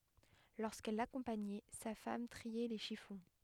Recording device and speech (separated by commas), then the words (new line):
headset microphone, read sentence
Lorsqu’elle l’accompagnait, sa femme triait les chiffons.